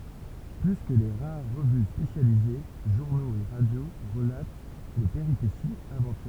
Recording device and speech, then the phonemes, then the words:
temple vibration pickup, read sentence
ply kə le ʁaʁ ʁəvy spesjalize ʒuʁnoz e ʁadjo ʁəlat le peʁipesiz avɑ̃tyʁøz
Plus que les rares revues spécialisées, journaux et radio relatent les péripéties aventureuses.

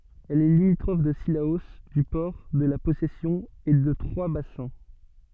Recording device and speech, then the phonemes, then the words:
soft in-ear microphone, read sentence
ɛl ɛ limitʁɔf də silao dy pɔʁ də la pɔsɛsjɔ̃ e də tʁwazbasɛ̃
Elle est limitrophe de Cilaos, du Port, de La Possession et de Trois-Bassins.

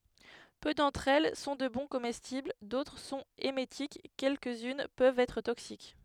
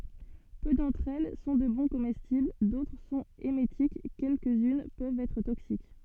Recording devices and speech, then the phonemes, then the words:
headset microphone, soft in-ear microphone, read sentence
pø dɑ̃tʁ ɛl sɔ̃ də bɔ̃ komɛstibl dotʁ sɔ̃t emetik kɛlkəzyn pøvt ɛtʁ toksik
Peu d'entre elles sont de bons comestibles, d'autres sont émétiques, quelques-unes peuvent être toxiques.

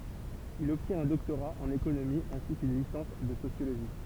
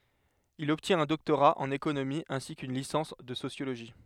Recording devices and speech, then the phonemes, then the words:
temple vibration pickup, headset microphone, read sentence
il ɔbtjɛ̃t œ̃ dɔktoʁa ɑ̃n ekonomi ɛ̃si kyn lisɑ̃s də sosjoloʒi
Il obtient un doctorat en économie ainsi qu'une licence de sociologie.

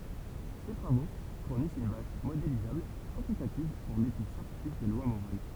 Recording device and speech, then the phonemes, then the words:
temple vibration pickup, read sentence
se tʁavo fuʁnist yn baz modelizabl kwɑ̃titativ puʁ letyd sjɑ̃tifik de lwa moʁal
Ces travaux fournissent une base modélisable, quantitative, pour l'étude scientifique des lois morales.

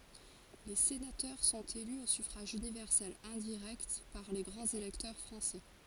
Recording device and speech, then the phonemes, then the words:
forehead accelerometer, read sentence
le senatœʁ sɔ̃t ely o syfʁaʒ ynivɛʁsɛl ɛ̃diʁɛkt paʁ le ɡʁɑ̃z elɛktœʁ fʁɑ̃sɛ
Les sénateurs sont élus au suffrage universel indirect par les grands électeurs français.

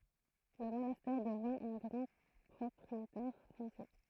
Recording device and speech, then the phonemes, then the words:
throat microphone, read sentence
lə monastɛʁ dəvɛ̃ œ̃ ɡʁɑ̃ pʁɔpʁietɛʁ fɔ̃sje
Le monastère devint un grand propriétaire foncier.

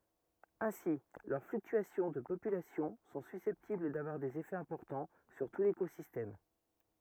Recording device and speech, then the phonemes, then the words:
rigid in-ear microphone, read sentence
ɛ̃si lœʁ flyktyasjɔ̃ də popylasjɔ̃ sɔ̃ sysɛptibl davwaʁ dez efɛz ɛ̃pɔʁtɑ̃ syʁ tu lekozistɛm
Ainsi, leurs fluctuations de population sont susceptibles d'avoir des effets importants sur tout l'écosystème.

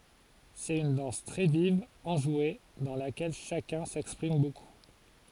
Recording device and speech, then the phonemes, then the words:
forehead accelerometer, read sentence
sɛt yn dɑ̃s tʁɛ viv ɑ̃ʒwe dɑ̃ lakɛl ʃakœ̃ sɛkspʁim boku
C'est une danse très vive, enjouée, dans laquelle chacun s'exprime beaucoup.

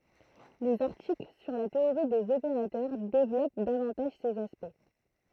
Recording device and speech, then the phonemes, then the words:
throat microphone, read sentence
lez aʁtikl syʁ la teoʁi dez opeʁatœʁ devlɔp davɑ̃taʒ sez aspɛkt
Les articles sur la théorie des opérateurs développent davantage ces aspects.

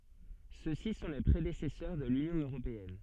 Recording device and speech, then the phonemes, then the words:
soft in-ear microphone, read sentence
søksi sɔ̃ le pʁedesɛsœʁ də lynjɔ̃ øʁopeɛn
Ceux-ci sont les prédécesseurs de l'Union européenne.

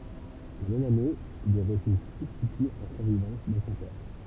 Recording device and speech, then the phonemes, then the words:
temple vibration pickup, read sentence
la mɛm ane il ɛ ʁəsy sybstity ɑ̃ syʁvivɑ̃s də sɔ̃ pɛʁ
La même année, il est reçu substitut en survivance de son père.

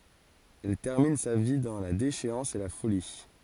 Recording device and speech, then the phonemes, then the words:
forehead accelerometer, read sentence
ɛl tɛʁmin sa vi dɑ̃ la deʃeɑ̃s e la foli
Elle termine sa vie dans la déchéance et la folie.

